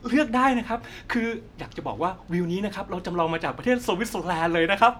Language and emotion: Thai, happy